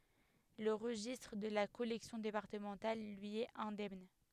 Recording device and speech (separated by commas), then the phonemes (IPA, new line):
headset microphone, read sentence
lə ʁəʒistʁ də la kɔlɛksjɔ̃ depaʁtəmɑ̃tal lyi ɛt ɛ̃dɛmn